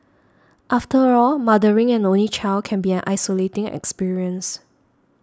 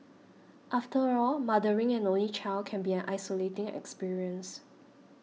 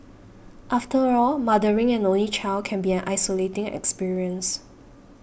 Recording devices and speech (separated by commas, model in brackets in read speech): standing microphone (AKG C214), mobile phone (iPhone 6), boundary microphone (BM630), read sentence